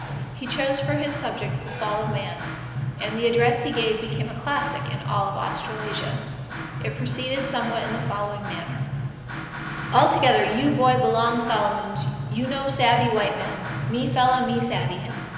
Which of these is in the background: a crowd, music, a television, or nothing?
Music.